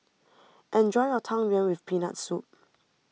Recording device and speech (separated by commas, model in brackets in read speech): mobile phone (iPhone 6), read sentence